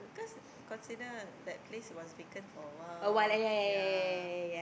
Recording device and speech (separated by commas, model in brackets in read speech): boundary microphone, conversation in the same room